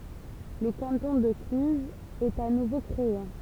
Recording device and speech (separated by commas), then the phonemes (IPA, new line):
temple vibration pickup, read sentence
lə kɑ̃tɔ̃ də klyzz ɛt a nuvo kʁee